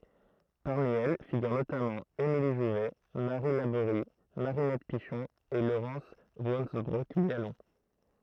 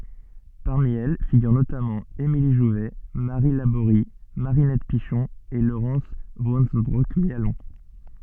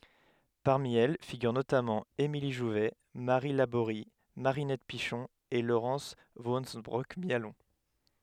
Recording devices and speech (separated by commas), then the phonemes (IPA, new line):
throat microphone, soft in-ear microphone, headset microphone, read sentence
paʁmi ɛl fiɡyʁ notamɑ̃ emili ʒuvɛ maʁi laboʁi maʁinɛt piʃɔ̃ e loʁɑ̃s vɑ̃sønbʁɔk mjalɔ̃